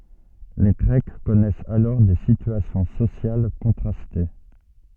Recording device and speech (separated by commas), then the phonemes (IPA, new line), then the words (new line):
soft in-ear microphone, read sentence
le ɡʁɛk kɔnɛsɛt alɔʁ de sityasjɔ̃ sosjal kɔ̃tʁaste
Les Grecs connaissaient alors des situations sociales contrastées.